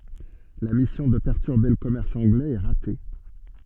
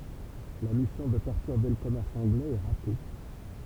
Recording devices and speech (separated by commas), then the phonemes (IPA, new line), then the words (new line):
soft in-ear microphone, temple vibration pickup, read sentence
la misjɔ̃ də pɛʁtyʁbe lə kɔmɛʁs ɑ̃ɡlɛz ɛ ʁate
La mission de perturber le commerce anglais est ratée.